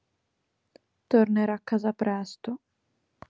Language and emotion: Italian, sad